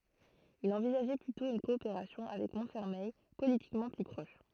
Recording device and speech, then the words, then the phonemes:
throat microphone, read sentence
Il envisageait plutôt une coopération avec Montfermeil, politiquement plus proche.
il ɑ̃vizaʒɛ plytɔ̃ yn kɔopeʁasjɔ̃ avɛk mɔ̃tfɛʁmɛj politikmɑ̃ ply pʁɔʃ

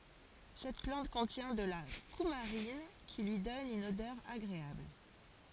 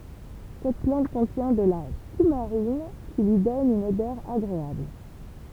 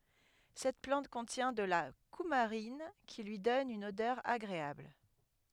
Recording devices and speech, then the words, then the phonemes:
forehead accelerometer, temple vibration pickup, headset microphone, read sentence
Cette plante contient de la coumarine, qui lui donne une odeur agréable.
sɛt plɑ̃t kɔ̃tjɛ̃ də la kumaʁin ki lyi dɔn yn odœʁ aɡʁeabl

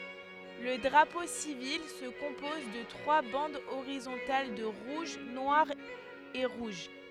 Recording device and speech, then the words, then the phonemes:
headset microphone, read sentence
Le drapeau civil se compose de trois bandes horizontales de rouge, noir et rouge.
lə dʁapo sivil sə kɔ̃pɔz də tʁwa bɑ̃dz oʁizɔ̃tal də ʁuʒ nwaʁ e ʁuʒ

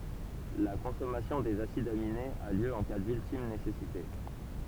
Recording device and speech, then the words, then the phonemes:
temple vibration pickup, read sentence
La consommation des acides aminés a lieu en cas d'ultime nécessité.
la kɔ̃sɔmasjɔ̃ dez asidz aminez a ljø ɑ̃ ka dyltim nesɛsite

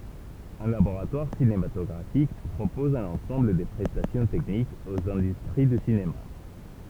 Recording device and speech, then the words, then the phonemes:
temple vibration pickup, read sentence
Un laboratoire cinématographique propose un ensemble de prestations techniques aux industries du cinéma.
œ̃ laboʁatwaʁ sinematɔɡʁafik pʁopɔz œ̃n ɑ̃sɑ̃bl də pʁɛstasjɔ̃ tɛknikz oz ɛ̃dystʁi dy sinema

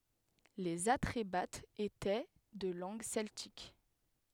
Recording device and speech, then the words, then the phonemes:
headset microphone, read sentence
Les Atrébates étaient de langue celtique.
lez atʁebatz etɛ də lɑ̃ɡ sɛltik

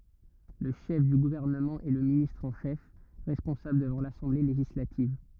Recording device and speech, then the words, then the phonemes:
rigid in-ear microphone, read sentence
Le chef du gouvernement est le ministre en chef, responsable devant l'Assemblée législative.
lə ʃɛf dy ɡuvɛʁnəmɑ̃ ɛ lə ministʁ ɑ̃ ʃɛf ʁɛspɔ̃sabl dəvɑ̃ lasɑ̃ble leʒislativ

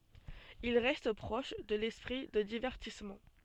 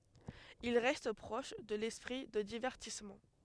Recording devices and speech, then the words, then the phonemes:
soft in-ear microphone, headset microphone, read sentence
Il reste proche de l’esprit de divertissement.
il ʁɛst pʁɔʃ də lɛspʁi də divɛʁtismɑ̃

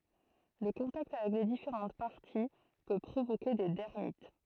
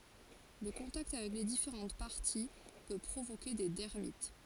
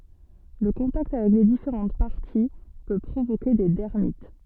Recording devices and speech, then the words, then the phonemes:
throat microphone, forehead accelerometer, soft in-ear microphone, read sentence
Le contact avec les différentes parties peut provoquer des dermites.
lə kɔ̃takt avɛk le difeʁɑ̃t paʁti pø pʁovoke de dɛʁmit

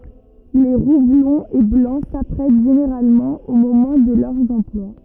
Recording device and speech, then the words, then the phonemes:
rigid in-ear microphone, read sentence
Les roux blonds et blancs s'apprêtent généralement au moment de leurs emplois.
le ʁu blɔ̃z e blɑ̃ sapʁɛt ʒeneʁalmɑ̃ o momɑ̃ də lœʁz ɑ̃plwa

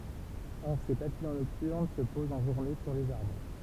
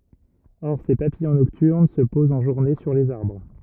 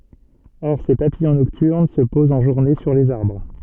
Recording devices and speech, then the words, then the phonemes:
temple vibration pickup, rigid in-ear microphone, soft in-ear microphone, read sentence
Or ces papillons nocturnes se posent en journée sur les arbres.
ɔʁ se papijɔ̃ nɔktyʁn sə pozt ɑ̃ ʒuʁne syʁ lez aʁbʁ

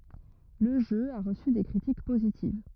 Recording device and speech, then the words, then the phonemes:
rigid in-ear microphone, read sentence
Le jeu a reçu des critiques positives.
lə ʒø a ʁəsy de kʁitik pozitiv

